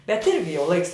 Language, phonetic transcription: Lithuanian, bet ˈirgi jau ˈlaiks

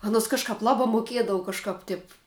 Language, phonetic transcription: Lithuanian, ˈanos kažˈkap ˈlabā moˈkiedavu kažˈkap tip

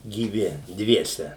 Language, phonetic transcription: Lithuanian, gyˈvi ˈdviese

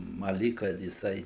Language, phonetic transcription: Lithuanian, ˈma ˈlyg kad jiˈsai

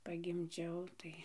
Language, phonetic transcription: Lithuanian, pagimˈdžiau ˈtai

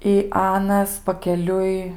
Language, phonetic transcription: Lithuanian, i ˈanas pakeˈliui

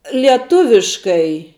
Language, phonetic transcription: Lithuanian, lieˈtuviškai

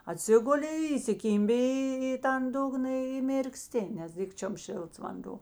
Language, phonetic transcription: Lithuanian, aˈtsiguli įsiˈkymbi ˈį į tan ˈdugna i mirkˈsti nes ˈdikčiom ˈšėlts vanˈdo

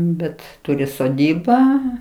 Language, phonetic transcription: Lithuanian, ˈbet ˈturi soˈdybą

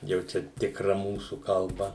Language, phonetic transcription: Lithuanian, jau ˈčia tikˈra ˈmūsu kalˈba

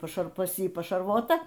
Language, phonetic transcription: Lithuanian, paˈšar pas ˈjį pašarˈvota

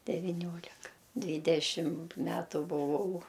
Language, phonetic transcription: Lithuanian, deviˈniolika ˈdvydešim ˈmetu buˈvau

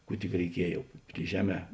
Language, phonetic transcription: Lithuanian, ˈkų tik reiˈkiej jau pri ˈžeˌmē

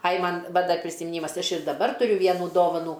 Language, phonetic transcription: Lithuanian, aj ˈman ˈva ˈdar prisimiˈnymas ˈaš ir daˈbar tuˈriu ˈvienų ˈdovanų

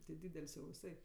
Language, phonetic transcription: Lithuanian, ti ˈdydel's' jau viˈsai

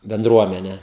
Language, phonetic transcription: Lithuanian, benˈdruomene

